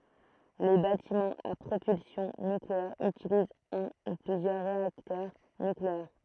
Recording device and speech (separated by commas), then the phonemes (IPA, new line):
throat microphone, read sentence
le batimɑ̃z a pʁopylsjɔ̃ nykleɛʁ ytilizt œ̃ u plyzjœʁ ʁeaktœʁ nykleɛʁ